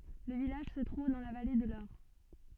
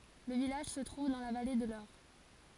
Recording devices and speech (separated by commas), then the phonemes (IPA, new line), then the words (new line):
soft in-ear microphone, forehead accelerometer, read sentence
lə vilaʒ sə tʁuv dɑ̃ la vale də lɔʁ
Le village se trouve dans la vallée de l'Aure.